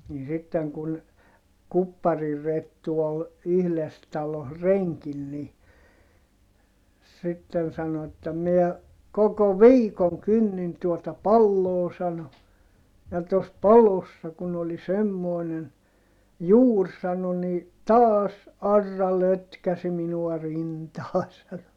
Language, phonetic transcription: Finnish, nii sitteŋ kun , Kuppari-Rettu ol , yhles taloh reŋkin ni , sitten sano että » miɛ , koko viikoŋ kynnin tuota palloo » sano , » ja tos palossa kun ‿oli semmoinen , juur » sano ni , » taas , arra lötkäsi minua rintaa » sano .
- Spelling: niin sitten kun Kuppari-Rettu oli yhdessä talossa renkinä niin sitten sanoi että minä koko viikon kynnin tuota paloa sanoi ja tuossa palossa kun oli semmoinen juuri sanoi niin taas aura lötkäsi minua rintaan sanoi

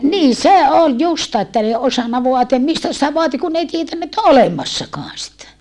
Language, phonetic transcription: Finnish, nii se ol justaa että n ‿ei osanna voatiam mistä sitä voati kun n ‿ei tietännä ett ‿o olemassakɔan sitä .
- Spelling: niin se oli justiin että ne ei osannut vaatia mistä sitä vaati kun ne ei tiennyt että on olemassakaan sitä

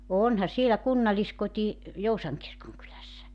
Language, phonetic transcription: Finnish, "onha 'sielä 'kunnaliskoti , "Jousaŋ 'kirkoŋkylässä .
- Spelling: onhan siellä kunnalliskoti Joutsan kirkonkylässä

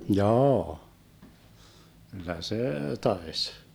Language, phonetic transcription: Finnish, 'jaa , kyllä "see 'taes .
- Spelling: jaa kyllä se taisi

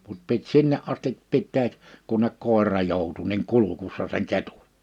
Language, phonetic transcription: Finnish, mut pit 'sinne’ ’astip 'pitteeᵏ , 'kunnek 'kòera 'jòutu niŋ 'kulukussa seŋ 'ketᴜ(ɴ) .
- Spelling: mutta piti sinne asti pitää kunne koira joutui niin kurkussa sen ketun

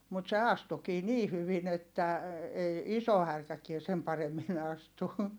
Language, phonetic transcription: Finnish, mut se astukii nii hyvin ‿että , ei , iso härkäkie sem paremmin ‿astu .
- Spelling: mutta se astuikin niin hyvin että ei iso härkäkään sen paremmin astu

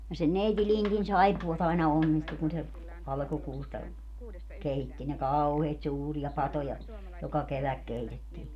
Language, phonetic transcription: Finnish, ja sen 'neiti 'Lintin 'saippu₍at ‿aina 'onnistu kun se , 'alkukuusta , 'keitti ne "kauheet "suuri₍a "patoja , 'joka 'keväk 'keitettii .
- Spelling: ja sen neiti Lindin saippuat aina onnistui kun se alkukuusta keitti ne kauheat suuria patoja joka kevät keitettiin

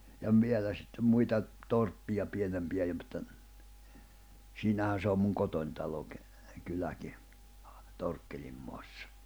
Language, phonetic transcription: Finnish, ja ‿ᵒm 'vie̬lä sittem 'muita , 'torppija 'pienempijä ja mᵘtta , 'siinähän̬ 'se om 'kotoń taloki , 'kyläki , 'Torkkelim moassᴀ .
- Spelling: ja on vielä sitten muita torppia pienempiä ja mutta siinähän se on kotona talokin kyläkin Torkkelin maassa

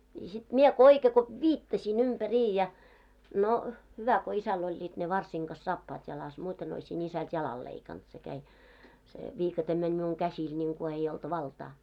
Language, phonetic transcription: Finnish, ni sit 'miɛ ko 'oike ko , "vittasì'n ‿umpä"riij ja , 'no , 'hyvä ko isäl ‿oĺĺiit ne 'varsiŋ ɢas 'saappaat jalas , muuten ‿oisi'n ‿isält 'jalal leikant se käi , se 'viikatem meń miuŋ 'käsiil 'ńiŋku ei olt "valtaa .
- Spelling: niin sitten minä kun oikein kun viittasin ympäri ja no hyvä kun isällä olivat ne varsien kanssa saappaat jalassa muuten olisin isältä jalan leikannut se kävi se viikate meni minun käsillä niin kuin ei ollut valtaa

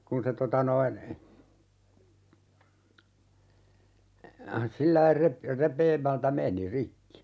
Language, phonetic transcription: Finnish, 'kun se 'tota noin , 'sillai "rep- , "rep̀eemältä 'meni 'rikki .
- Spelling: kun se tuota noin sillä lailla - repeämältä meni rikki

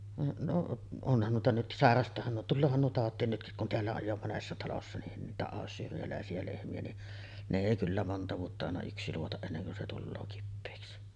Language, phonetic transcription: Finnish, no’ , 'onhan nuita nyt , "sàerast̀aahan nuo , tulloohan nuo 'tàot̆tiin nytkik kun "teällä oj jo 'monessa talossa nin niitä 'àossyyri₍älä̀esi₍ä lehmi₍ä ni , 'ne 'èi kyllä monta vuotta àena 'yksi luotaˀ "ˀenneŋ kun se tulloo 'kippeeksi .
- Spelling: no onhan noita nyt sairastaahan nuo tuleehan nuo tautiin nytkin kun täällä on jo monessa talossa niin niitä ayshireläisiä lehmiä niin ne ei kyllä monta vuotta aina yksi luota ennen kuin se tulee kipeäksi

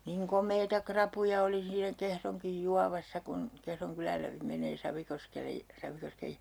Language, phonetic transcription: Finnish, niŋ 'kom̆meita "krapuja oli siinä 'Kehroŋkij 'juavassa kun , Kehroŋ 'kyläl läpi 'menee 'Savikoskele , 'Savikoskej jä(rveen) .
- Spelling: niin komeita rapuja oli siinä Kehronkin juovassa kun Kehron kylän läpi menee Savikoskelle Savikosken järveen

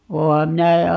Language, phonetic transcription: Finnish, 'ooha 'minä ,.
- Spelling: olenhan minä

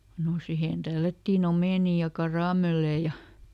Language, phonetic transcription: Finnish, no ˈsihen ˈtällättiiˈn ‿omènì ja "karàmellee ja ,.
- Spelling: no siihen tällättiin omenia ja karamelleja ja

